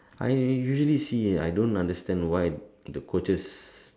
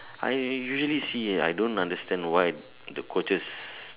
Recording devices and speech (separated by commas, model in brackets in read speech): standing microphone, telephone, conversation in separate rooms